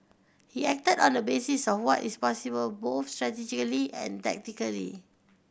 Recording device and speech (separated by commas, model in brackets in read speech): boundary microphone (BM630), read sentence